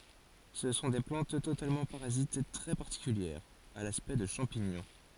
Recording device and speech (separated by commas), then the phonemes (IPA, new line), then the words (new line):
forehead accelerometer, read sentence
sə sɔ̃ de plɑ̃t totalmɑ̃ paʁazit tʁɛ paʁtikyljɛʁz a laspɛkt də ʃɑ̃piɲɔ̃
Ce sont des plantes totalement parasites très particulières, à l'aspect de champignons.